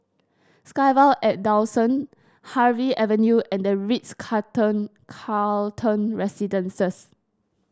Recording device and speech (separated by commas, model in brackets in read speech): standing microphone (AKG C214), read sentence